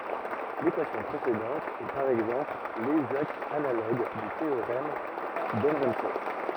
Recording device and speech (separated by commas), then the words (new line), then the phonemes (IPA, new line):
rigid in-ear microphone, read sentence
L'équation précédente est par exemple l'exacte analogue du théorème d'Ehrenfest.
lekwasjɔ̃ pʁesedɑ̃t ɛ paʁ ɛɡzɑ̃pl lɛɡzakt analoɡ dy teoʁɛm dəʁɑ̃fɛst